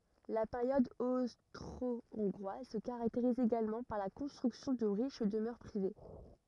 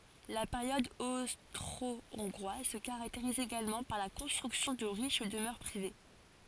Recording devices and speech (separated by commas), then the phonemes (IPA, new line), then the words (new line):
rigid in-ear microphone, forehead accelerometer, read sentence
la peʁjɔd ostʁoɔ̃ɡʁwaz sə kaʁakteʁiz eɡalmɑ̃ paʁ la kɔ̃stʁyksjɔ̃ də ʁiʃ dəmœʁ pʁive
La période austro-hongroise se caractérise également par la construction de riches demeures privées.